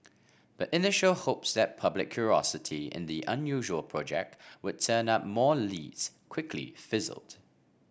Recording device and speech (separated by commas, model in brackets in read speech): boundary microphone (BM630), read sentence